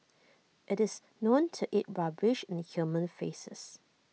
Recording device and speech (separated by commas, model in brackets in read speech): mobile phone (iPhone 6), read sentence